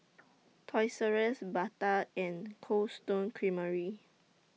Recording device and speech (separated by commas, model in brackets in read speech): mobile phone (iPhone 6), read sentence